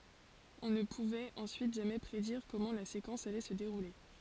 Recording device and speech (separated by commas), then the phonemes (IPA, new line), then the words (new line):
forehead accelerometer, read sentence
ɔ̃ nə puvɛt ɑ̃syit ʒamɛ pʁediʁ kɔmɑ̃ la sekɑ̃s alɛ sə deʁule
On ne pouvait ensuite jamais prédire comment la séquence allait se dérouler.